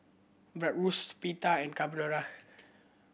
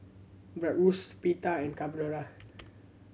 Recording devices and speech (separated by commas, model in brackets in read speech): boundary microphone (BM630), mobile phone (Samsung C7100), read sentence